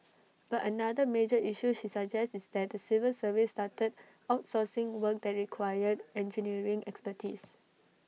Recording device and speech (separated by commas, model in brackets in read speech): mobile phone (iPhone 6), read sentence